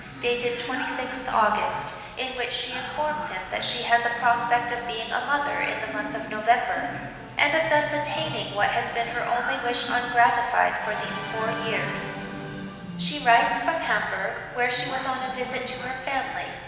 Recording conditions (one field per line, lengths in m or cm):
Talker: one person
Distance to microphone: 1.7 m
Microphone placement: close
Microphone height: 1.0 m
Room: very reverberant, large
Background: television